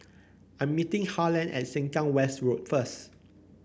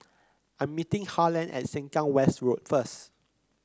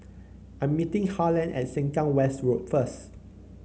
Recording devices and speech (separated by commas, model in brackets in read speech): boundary microphone (BM630), close-talking microphone (WH30), mobile phone (Samsung C9), read sentence